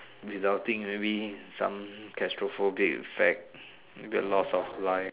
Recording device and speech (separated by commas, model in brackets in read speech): telephone, conversation in separate rooms